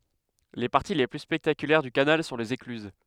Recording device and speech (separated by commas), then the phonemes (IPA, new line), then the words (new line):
headset microphone, read sentence
le paʁti le ply spɛktakylɛʁ dy kanal sɔ̃ lez eklyz
Les parties les plus spectaculaires du canal sont les écluses.